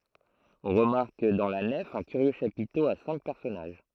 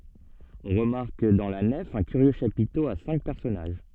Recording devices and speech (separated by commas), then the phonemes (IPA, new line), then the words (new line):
throat microphone, soft in-ear microphone, read sentence
ɔ̃ ʁəmaʁk dɑ̃ la nɛf œ̃ kyʁjø ʃapito a sɛ̃k pɛʁsɔnaʒ
On remarque dans la nef un curieux chapiteau à cinq personnages.